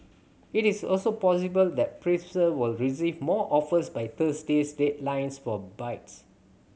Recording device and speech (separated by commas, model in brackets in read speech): mobile phone (Samsung C7100), read sentence